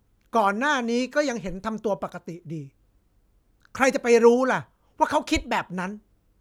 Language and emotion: Thai, frustrated